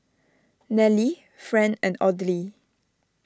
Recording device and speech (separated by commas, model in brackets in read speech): standing microphone (AKG C214), read sentence